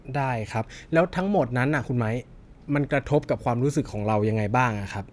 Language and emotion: Thai, neutral